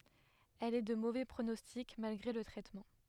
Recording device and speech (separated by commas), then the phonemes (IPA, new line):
headset microphone, read sentence
ɛl ɛ də movɛ pʁonɔstik malɡʁe lə tʁɛtmɑ̃